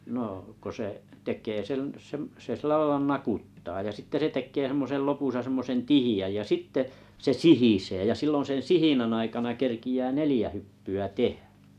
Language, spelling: Finnish, no kun se tekee sen sen se sillä lailla nakuttaa ja sitten se tekee semmoisen lopussa semmoisen tiheän ja sitten se sihisee ja silloin sen sihinän aikana kerkeää neljä hyppyä tehdä
- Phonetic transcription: 'nò ko 'se’ , 'tek̀ee sen̬ sem 'se sillᵃⁱla "nakuttaa ja sitte se 'tek̆kee semmose 'lopusa semmosen "tihijäj jä 'sitte , 'se "sihisee ja 'sillon̬ 'sen̬ 'sihinänn ‿aikana 'kerki₍ää "nelĭjä 'hyppy₍ä "tehᴀ̈ .

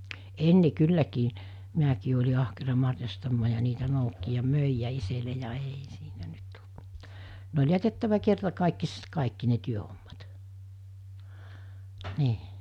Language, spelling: Finnish, ennen kylläkin minäkin olin ahkera marjastamaan ja niitä noukki ja myi ja itselle ja ei siitä nyt tullut mitään ne oli jätettävä kertakaikkisesti kaikki ne työhommat niin
- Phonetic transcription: 'enne 'kylläkii , 'miäkii oĺi ahkera marjastammaa ja niitä 'noukki ja 'mö̀i ja 'isele ja 'eei (siitä 'nyt tult mittää) , ne oĺ 'jätettävä kertakàikkisest 'kàikki ne 'työhommat , nii .

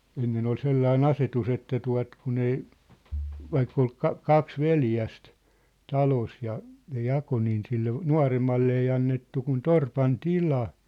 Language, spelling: Finnish, ennen oli sellainen asetus että tuota kun ei vaikka oli - kaksi veljestä talossa ja ne jakoi niin sille nuoremmalle ei annettu kuin torpan tila
- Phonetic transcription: 'ennen ‿ol "sellai"n ‿asetu's ‿että tua̭t kun ‿ei , 'vaikk ‿ol 'ka- , 'kaks "veljäst , 'talos ja , ne 'jako niin sille , "nua̭remmalle ei annettu kun "torpan "tila .

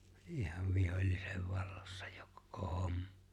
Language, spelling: Finnish, ihan vihollisen vallassa jo koko homma
- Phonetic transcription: 'ihav 'vihoĺlisev 'vallᴏssᴀ ᴊᴏ kᴏkᴏ 'hoᴍᴍᴀ .

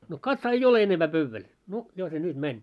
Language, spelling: Finnish, no katsohan ei ole enempää pöydällä no jo se nyt meni
- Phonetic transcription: » no 'katsaa ei "ole 'enempää 'pövväl , 'no jo se 'nyt mäń . «

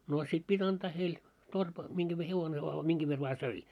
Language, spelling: Finnish, no sitten piti antaa heille - minkä - hevonen vain minkä verran vain söi
- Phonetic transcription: noo 'sit pit́ 'anᴅaa heil , torp- , miŋɢäv ve 'hevone vaa 'miŋɢäv ver vaa 'söi .

